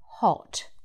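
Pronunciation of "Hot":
'Hot' is said in a British accent, with an O vowel rather than an ah sound.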